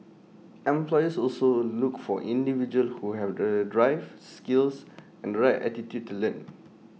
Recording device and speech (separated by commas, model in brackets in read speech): mobile phone (iPhone 6), read sentence